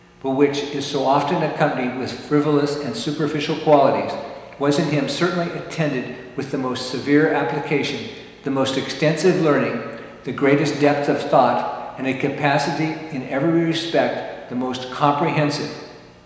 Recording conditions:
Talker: one person; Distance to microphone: 1.7 m; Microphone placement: close; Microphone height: 1.0 m; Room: very reverberant, large; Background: none

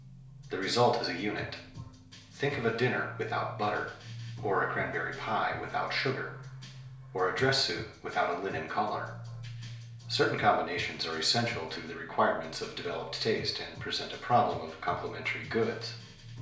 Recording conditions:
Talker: one person; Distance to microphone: 1.0 m; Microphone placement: close; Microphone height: 1.1 m; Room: small (3.7 m by 2.7 m); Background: music

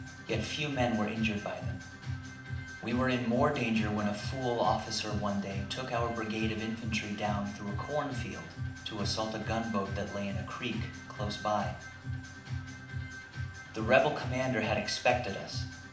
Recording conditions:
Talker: one person; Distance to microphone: 2.0 m; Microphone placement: close; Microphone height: 99 cm; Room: medium-sized (5.7 m by 4.0 m); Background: music

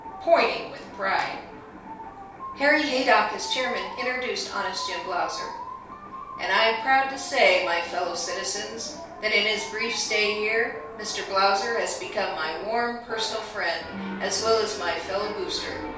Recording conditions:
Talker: one person; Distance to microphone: 3.0 m; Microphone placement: far; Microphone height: 1.8 m; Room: small (3.7 m by 2.7 m); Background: television

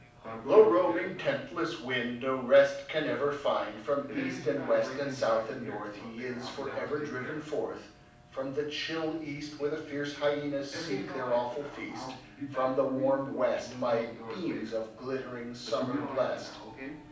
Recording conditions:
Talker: one person; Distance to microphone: 5.8 m; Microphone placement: far; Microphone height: 1.8 m; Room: medium-sized (5.7 m by 4.0 m); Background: television

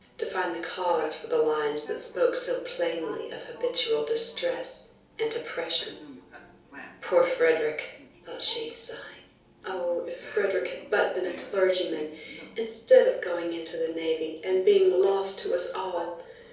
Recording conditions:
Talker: one person; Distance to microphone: 3.0 m; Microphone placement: far; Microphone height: 1.8 m; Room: small (3.7 m by 2.7 m); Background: television

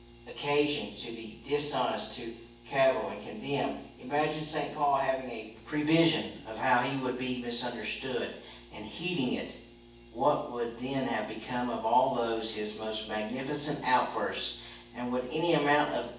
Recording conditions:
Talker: one person; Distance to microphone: 9.8 m; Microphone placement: far; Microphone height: 1.8 m; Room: large; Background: none

